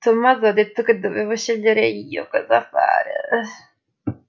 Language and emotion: Italian, disgusted